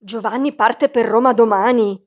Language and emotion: Italian, surprised